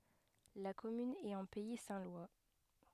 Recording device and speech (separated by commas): headset microphone, read sentence